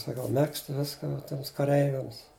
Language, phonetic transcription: Lithuanian, saˈkau ˈmegzt ˈviska va ˈtiems kaˈreiviams

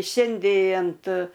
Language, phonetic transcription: Lithuanian, ˈšiandė ant

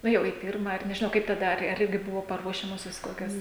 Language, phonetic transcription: Lithuanian, ˈnu jau į ˈpirma ar nežiˈnau kaip taˈda ar ˈirgi ˈbuvo paˈruošiamosios ˈkokios

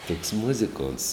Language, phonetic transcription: Lithuanian, toks ˈmuzikonts

